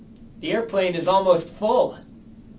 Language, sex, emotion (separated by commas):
English, male, neutral